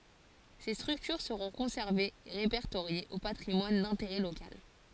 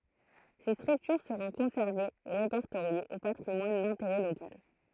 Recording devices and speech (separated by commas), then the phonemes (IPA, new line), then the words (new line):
forehead accelerometer, throat microphone, read sentence
se stʁyktyʁ səʁɔ̃ kɔ̃sɛʁvez e ʁepɛʁtoʁjez o patʁimwan dɛ̃teʁɛ lokal
Ces structures seront conservées et répertoriées au patrimoine d’intérêt local.